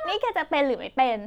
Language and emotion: Thai, frustrated